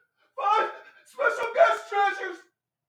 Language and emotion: English, fearful